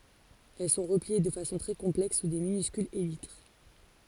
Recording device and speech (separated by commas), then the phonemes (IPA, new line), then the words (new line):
forehead accelerometer, read sentence
ɛl sɔ̃ ʁəplie də fasɔ̃ tʁɛ kɔ̃plɛks su də minyskylz elitʁ
Elles sont repliées de façon très complexe sous de minuscules élytres.